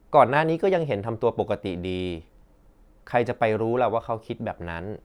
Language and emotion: Thai, neutral